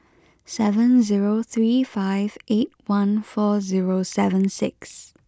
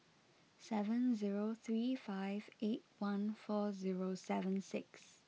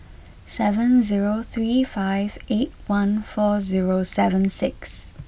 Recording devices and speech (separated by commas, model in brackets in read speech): close-talking microphone (WH20), mobile phone (iPhone 6), boundary microphone (BM630), read sentence